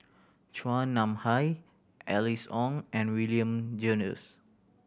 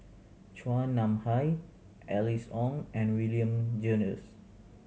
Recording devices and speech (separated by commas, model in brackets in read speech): boundary microphone (BM630), mobile phone (Samsung C7100), read sentence